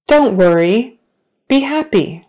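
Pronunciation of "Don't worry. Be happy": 'Don't worry. Be happy.' is said slowly, not at a natural speed.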